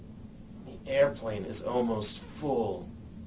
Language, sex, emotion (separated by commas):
English, male, neutral